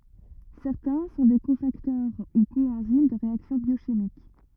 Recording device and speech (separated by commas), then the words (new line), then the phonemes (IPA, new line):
rigid in-ear microphone, read sentence
Certains sont des cofacteurs ou coenzymes de réactions biochimiques.
sɛʁtɛ̃ sɔ̃ de kofaktœʁ u koɑ̃zim də ʁeaksjɔ̃ bjoʃimik